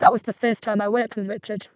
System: VC, vocoder